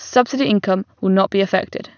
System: none